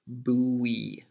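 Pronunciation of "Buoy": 'Buoy' is said the more common of its two accepted ways here. It does not sound like the word 'boy'.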